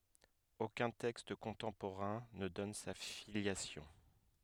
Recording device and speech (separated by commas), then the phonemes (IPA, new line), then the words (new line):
headset microphone, read sentence
okœ̃ tɛkst kɔ̃tɑ̃poʁɛ̃ nə dɔn sa filjasjɔ̃
Aucun texte contemporain ne donne sa filiation.